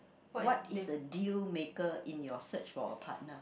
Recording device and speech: boundary microphone, conversation in the same room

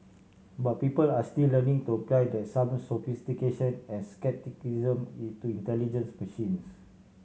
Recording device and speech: mobile phone (Samsung C7100), read sentence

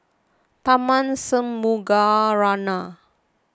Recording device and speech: close-talking microphone (WH20), read sentence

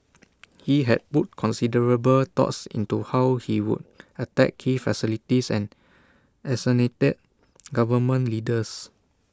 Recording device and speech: standing microphone (AKG C214), read sentence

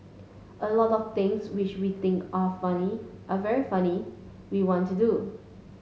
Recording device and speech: mobile phone (Samsung S8), read sentence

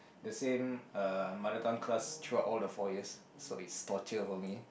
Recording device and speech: boundary microphone, conversation in the same room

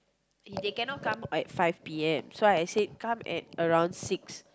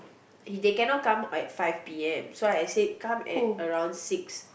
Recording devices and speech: close-talking microphone, boundary microphone, conversation in the same room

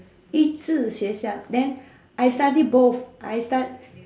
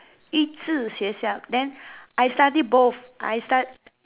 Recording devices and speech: standing microphone, telephone, conversation in separate rooms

